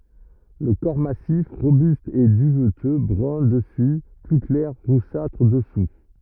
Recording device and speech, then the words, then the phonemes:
rigid in-ear microphone, read sentence
Le corps massif, robuste, est duveteux, brun dessus, plus clair, roussâtre, dessous.
lə kɔʁ masif ʁobyst ɛ dyvtø bʁœ̃ dəsy ply klɛʁ ʁusatʁ dəsu

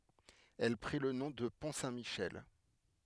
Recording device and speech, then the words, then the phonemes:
headset microphone, read sentence
Elle prit le nom de Pont Saint-Michel.
ɛl pʁi lə nɔ̃ də pɔ̃ sɛ̃tmiʃɛl

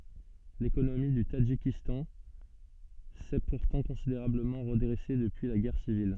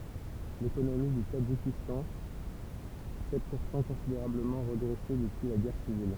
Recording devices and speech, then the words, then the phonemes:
soft in-ear microphone, temple vibration pickup, read sentence
L'économie du Tadjikistan s'est pourtant considérablement redressée depuis la guerre civile.
lekonomi dy tadʒikistɑ̃ sɛ puʁtɑ̃ kɔ̃sideʁabləmɑ̃ ʁədʁɛse dəpyi la ɡɛʁ sivil

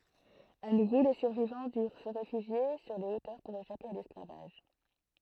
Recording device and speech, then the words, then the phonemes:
throat microphone, read sentence
À nouveau, les survivants durent se réfugier sur les hauteurs pour échapper à l'esclavage.
a nuvo le syʁvivɑ̃ dyʁ sə ʁefyʒje syʁ le otœʁ puʁ eʃape a lɛsklavaʒ

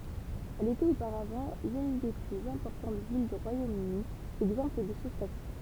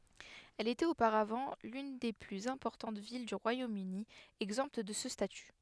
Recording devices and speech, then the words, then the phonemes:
temple vibration pickup, headset microphone, read sentence
Elle était auparavant l'une des plus importantes villes du Royaume-Uni exemptes de ce statut.
ɛl etɛt opaʁavɑ̃ lyn de plyz ɛ̃pɔʁtɑ̃t vil dy ʁwajomøni ɛɡzɑ̃pt də sə staty

